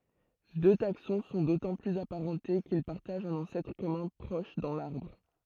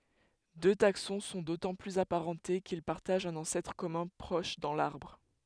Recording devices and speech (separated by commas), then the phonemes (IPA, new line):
throat microphone, headset microphone, read sentence
dø taksɔ̃ sɔ̃ dotɑ̃ plyz apaʁɑ̃te kil paʁtaʒt œ̃n ɑ̃sɛtʁ kɔmœ̃ pʁɔʃ dɑ̃ laʁbʁ